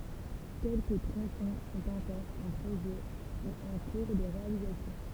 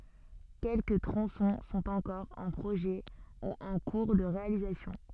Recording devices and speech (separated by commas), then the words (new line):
temple vibration pickup, soft in-ear microphone, read sentence
Quelques tronçons sont encore en projet ou en cours de réalisation.